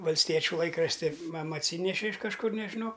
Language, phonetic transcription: Lithuanian, valsˈtiečių ˈlaikrašti ˈmama atˈsyneši iš kažˈkur nežiˈnau

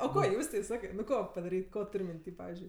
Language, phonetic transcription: Lithuanian, o ˈko ˈjūstei ˈsakai nu ˈko padaˈryt' ˈko ˈtur' minˈty ˈpavizdžiui

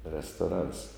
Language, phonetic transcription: Lithuanian, restoˈrans

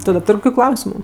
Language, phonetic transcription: Lithuanian, ˈtu da ˈtur' ˈkokiu ˈklausimu

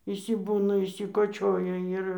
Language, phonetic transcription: Lithuanian, išsiˈbūna išsikoˈčioja ˈir

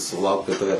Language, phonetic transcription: Lithuanian, suˈlaukt kad ˈtave

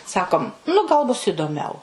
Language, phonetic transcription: Lithuanian, ˈsakom nu gal ˈbus įdoˈmiau

